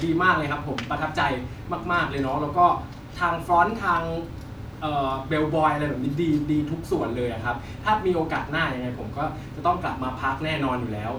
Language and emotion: Thai, happy